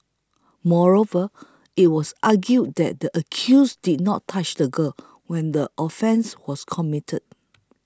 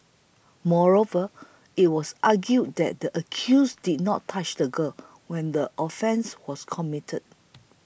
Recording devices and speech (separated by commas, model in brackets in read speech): close-talking microphone (WH20), boundary microphone (BM630), read sentence